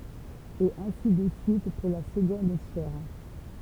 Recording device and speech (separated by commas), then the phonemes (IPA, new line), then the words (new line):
temple vibration pickup, read sentence
e ɛ̃si də syit puʁ la səɡɔ̃d sfɛʁ
Et ainsi de suite pour la seconde sphère.